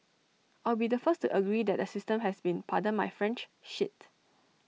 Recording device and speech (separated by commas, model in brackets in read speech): mobile phone (iPhone 6), read sentence